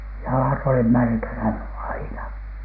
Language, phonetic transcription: Finnish, jalat olih 'märkänä , 'aina .
- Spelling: jalat oli märkänä aina

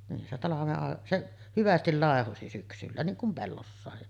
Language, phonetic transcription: Finnish, nin se 'talaveˀ ˀàe-ˀ , 'seˀ , 'hyvästil làehosi syksyllä , 'niiŋ kum 'pellossàe .
- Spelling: niin se talven - se hyvästi laihosi syksyllä niin kuin pellossa

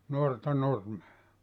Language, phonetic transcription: Finnish, 'nuorta 'nurmea .
- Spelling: nuorta nurmea

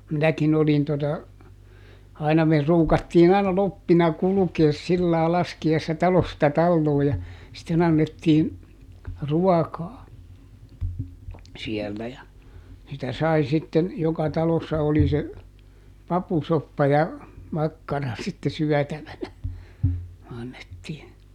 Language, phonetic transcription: Finnish, ˈminäkin ‿olin tota , aina me ˈruukattiin ‿aina "loppina ˈkulukees ˈsillaa "laski₍aissa ˈtalosta ˈtalloo ja , sitteˈn ‿annettiin̬ , "ruakaa , ˈsiellä ja , sitä ˈsai sitten , ˈjoka ˈtalossa oli se , "papusoppa ja , ˈmakkara sitte ˈsyätävänä , ˈannettiin .
- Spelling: minäkin olin tuota aina me ruukattiin aina kloppina kulkea sillä lailla laskiaisena talosta taloon ja sitten annettiin ruokaa siellä ja sitä sai sitten joka talossa oli se papusoppa ja makkara sitten syötävänä annettiin

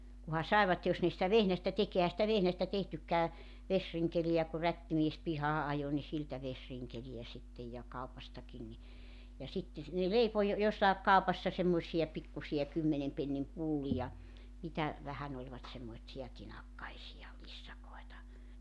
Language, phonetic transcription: Finnish, kuha 'sàevat 'jos ne sⁱtä 'vehästä 'tek 'ehä sⁱtä 'vehnästä 'tehtyk̆kää , 'vesriŋkeliʲä ku 'rättimies 'pihaa '’ajo ni 'siltä 'vesriŋkeliʲä sittej ja 'kaupastakin ni , ja sitte , ne "leipo jo- 'jossàek 'kaupassa 'semmoⁱsija 'pikkusi₍a 'kymmenem pennim 'pullija , 'mitä , 'vähän ‿oĺvat semmoⁱtsi₍a 'tinakkaisija , 'lissakoeta .
- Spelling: kunhan saivat jos ne sitä vehnästä teki eihän sitä vehnästä tehtykään vesirinkeleitä kun rättimies pihaan ajoi niin siltä vesirinkeleitä sitten ja kaupastakin niin ja sitten ne leipoi - jossakin kaupassa semmoisia pikkuisia kymmenen pennin pullia mitä vähän olivat semmoisia tinakkaisia lissakoita

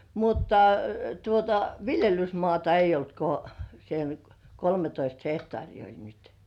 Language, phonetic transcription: Finnish, 'mutta , tuota , "viljelysmŏàta ei olt ko , sen , "kolmetoist 'hehtŏàrii oĺ nyt .
- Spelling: mutta tuota viljelysmaata ei ollut kuin sen kolmetoista hehtaaria oli nyt

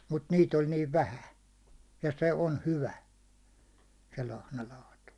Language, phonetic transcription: Finnish, mut 'niit oĺ niiv "vähän̬ , ja 'se 'on "hyvä , se 'lahnalaatu .
- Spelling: mutta niitä oli niin vähän ja se on hyvä se lahnalaatu

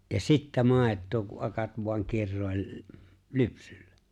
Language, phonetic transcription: Finnish, ja "sittä "màet̆too ku '’akat voaŋ 'kirròi̬l , "lypsyllᴀ̈ .
- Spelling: ja sitten maitoa kun akat vain kiroili lypsyllä

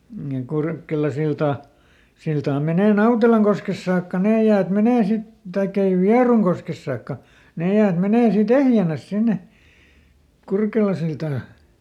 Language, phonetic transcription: Finnish, ja ˈKurkelasilta , -ˈsiltaa ˈmenè "Nautelaŋkoskes saakka ˈnee jäät ˈmenee ˈsit , ˈtaikk ‿ei "Viaruŋkoskes saakka , ˈnè jäät ˈmenee sii"t ‿ehjänäs ˈsinne , ˈKurkelasiltaa .
- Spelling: ja Kurkelansilta siltaa menee Nautelankoskessa saakka ne jäät menee sitten tai ei Vierunkoskessa saakka ne jäät menee siitä ehjänä sinne Kurkelansiltaan

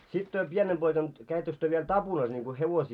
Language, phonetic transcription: Finnish, 'sit työ "pienem poikan , 'käittöks työ viel "tapunas niŋko 'hevosii ,.
- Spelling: sitten te pienenä poikana kävittekö te vielä tapunassa niin kuin hevosia

